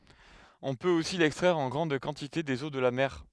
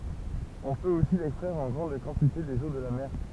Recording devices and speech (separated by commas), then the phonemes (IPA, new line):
headset microphone, temple vibration pickup, read sentence
ɔ̃ pøt osi lɛkstʁɛʁ ɑ̃ ɡʁɑ̃d kɑ̃tite dez o də la mɛʁ